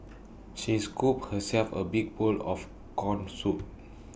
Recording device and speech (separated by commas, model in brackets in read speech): boundary microphone (BM630), read sentence